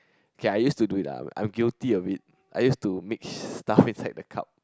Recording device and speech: close-talking microphone, conversation in the same room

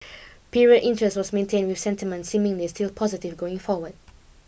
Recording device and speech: boundary microphone (BM630), read sentence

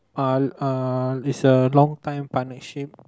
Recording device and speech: close-talking microphone, conversation in the same room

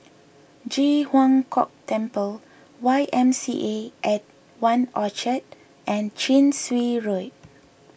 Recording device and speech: boundary microphone (BM630), read sentence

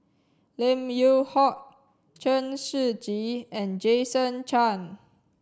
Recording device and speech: standing microphone (AKG C214), read sentence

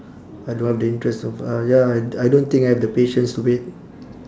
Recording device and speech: standing microphone, conversation in separate rooms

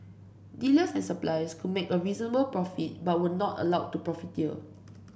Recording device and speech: boundary microphone (BM630), read sentence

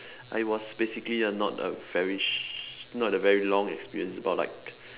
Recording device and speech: telephone, conversation in separate rooms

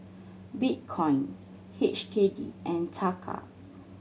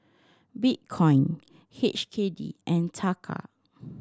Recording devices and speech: mobile phone (Samsung C7100), standing microphone (AKG C214), read sentence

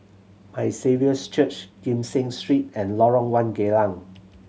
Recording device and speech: mobile phone (Samsung C7100), read sentence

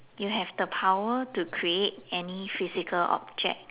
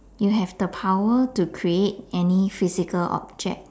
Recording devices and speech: telephone, standing microphone, conversation in separate rooms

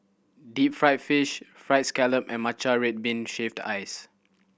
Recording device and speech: boundary microphone (BM630), read sentence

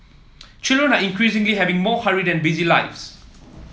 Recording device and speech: mobile phone (iPhone 7), read sentence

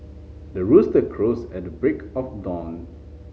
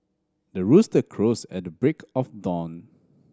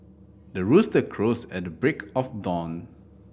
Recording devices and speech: mobile phone (Samsung C5010), standing microphone (AKG C214), boundary microphone (BM630), read sentence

